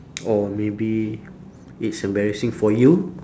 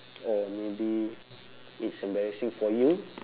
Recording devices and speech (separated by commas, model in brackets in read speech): standing microphone, telephone, conversation in separate rooms